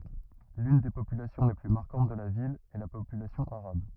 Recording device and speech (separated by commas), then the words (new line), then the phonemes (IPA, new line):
rigid in-ear microphone, read sentence
L'une des populations les plus marquantes de la ville est la population arabe.
lyn de popylasjɔ̃ le ply maʁkɑ̃t də la vil ɛ la popylasjɔ̃ aʁab